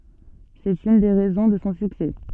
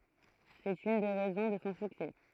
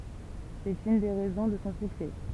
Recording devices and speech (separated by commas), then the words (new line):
soft in-ear microphone, throat microphone, temple vibration pickup, read sentence
C'est une des raisons de son succès.